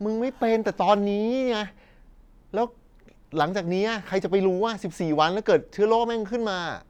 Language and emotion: Thai, angry